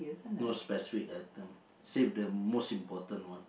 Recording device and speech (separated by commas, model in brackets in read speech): boundary microphone, conversation in the same room